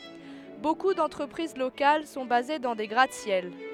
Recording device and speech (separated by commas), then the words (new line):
headset microphone, read sentence
Beaucoup d'entreprises locales sont basés dans des gratte-ciel.